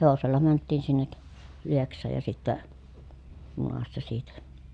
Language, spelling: Finnish, hevosella mentiin sinne Lieksaan ja sitten junassa siitä
- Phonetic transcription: hevosella mänttiin sinnek , Lieks̆saaj ja sittä , junassa siitä .

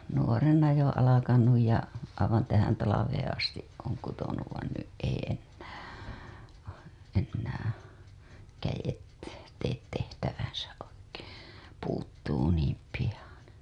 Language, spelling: Finnish, nuorena jo alkanut ja aivan tähän talveen asti olen kutonut vaan nyt ei enää enää kädet tee tehtäväänsä oikein puutuu niin pian
- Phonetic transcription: 'nuorena jo ala-kanuj ja , aivan tähän talaveen astiˀ ˀooŋ kutonuv vain 'nyˀ ˀei ennää , ennää , 'käjet , teet 'tehtäväänsäˀ ˀoikEE , 'puuttuu niim piʲan̬ .

